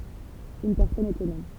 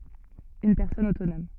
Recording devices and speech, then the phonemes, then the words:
temple vibration pickup, soft in-ear microphone, read sentence
yn pɛʁsɔn otonɔm
Une personne autonome.

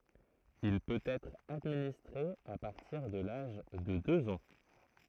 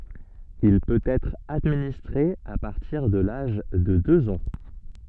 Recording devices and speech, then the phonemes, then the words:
throat microphone, soft in-ear microphone, read sentence
il pøt ɛtʁ administʁe a paʁtiʁ də laʒ də døz ɑ̃
Il peut être administré à partir de l’âge de deux ans.

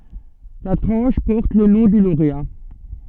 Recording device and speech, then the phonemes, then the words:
soft in-ear microphone, read sentence
la tʁɑ̃ʃ pɔʁt lə nɔ̃ dy loʁea
La tranche porte le nom du lauréat.

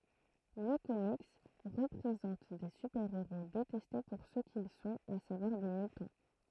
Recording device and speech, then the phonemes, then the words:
throat microphone, read sentence
lə komik pʁezɑ̃t de sypɛʁeʁo detɛste puʁ sə kil sɔ̃t a savwaʁ de mytɑ̃
Le comics présente des super-héros détestés pour ce qu'ils sont, à savoir des mutants.

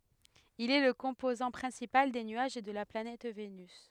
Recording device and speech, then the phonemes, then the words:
headset microphone, read sentence
il ɛ lə kɔ̃pozɑ̃ pʁɛ̃sipal de nyaʒ də la planɛt venys
Il est le composant principal des nuages de la planète Vénus.

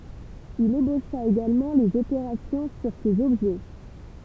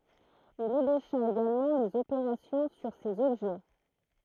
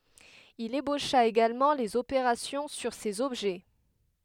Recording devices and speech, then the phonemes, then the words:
temple vibration pickup, throat microphone, headset microphone, read sentence
il eboʃa eɡalmɑ̃ lez opeʁasjɔ̃ syʁ sez ɔbʒɛ
Il ébaucha également les opérations sur ces objets.

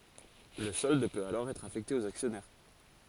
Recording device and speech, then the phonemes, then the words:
forehead accelerometer, read sentence
lə sɔld pøt alɔʁ ɛtʁ afɛkte oz aksjɔnɛʁ
Le solde peut alors être affecté aux actionnaires.

